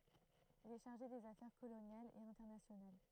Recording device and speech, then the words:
throat microphone, read sentence
Il est chargé des affaires coloniales et internationales.

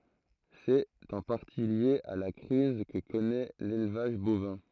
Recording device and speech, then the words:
throat microphone, read sentence
C'est en partie lié à la crise que connaît l'élevage bovin.

